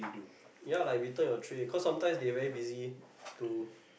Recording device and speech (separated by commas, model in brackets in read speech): boundary microphone, conversation in the same room